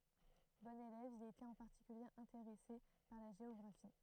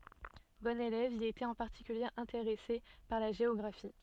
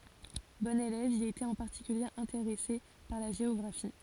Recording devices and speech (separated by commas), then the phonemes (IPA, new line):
throat microphone, soft in-ear microphone, forehead accelerometer, read sentence
bɔ̃n elɛv il etɛt ɑ̃ paʁtikylje ɛ̃teʁɛse paʁ la ʒeɔɡʁafi